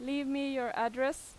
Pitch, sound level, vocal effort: 270 Hz, 91 dB SPL, loud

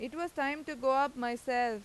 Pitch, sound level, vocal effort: 265 Hz, 94 dB SPL, loud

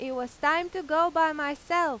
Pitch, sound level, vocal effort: 315 Hz, 96 dB SPL, very loud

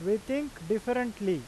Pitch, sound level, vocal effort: 215 Hz, 93 dB SPL, very loud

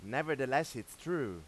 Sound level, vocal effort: 95 dB SPL, loud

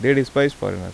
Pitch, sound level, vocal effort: 135 Hz, 84 dB SPL, normal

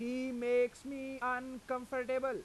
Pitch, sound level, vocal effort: 255 Hz, 95 dB SPL, loud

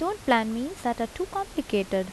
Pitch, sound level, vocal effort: 245 Hz, 78 dB SPL, soft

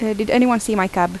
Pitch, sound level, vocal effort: 215 Hz, 82 dB SPL, normal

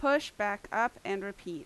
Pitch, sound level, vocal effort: 205 Hz, 88 dB SPL, very loud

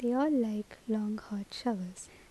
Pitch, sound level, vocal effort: 220 Hz, 75 dB SPL, soft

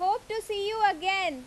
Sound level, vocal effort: 94 dB SPL, very loud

